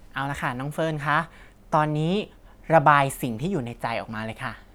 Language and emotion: Thai, neutral